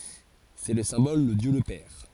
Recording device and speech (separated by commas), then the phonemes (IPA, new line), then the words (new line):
forehead accelerometer, read sentence
sɛ lə sɛ̃bɔl də djø lə pɛʁ
C’est le symbole de Dieu le Père.